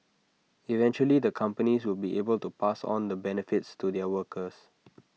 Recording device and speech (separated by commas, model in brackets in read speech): mobile phone (iPhone 6), read sentence